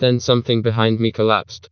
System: TTS, vocoder